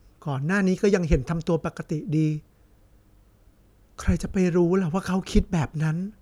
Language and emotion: Thai, sad